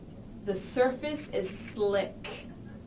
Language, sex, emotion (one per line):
English
female
neutral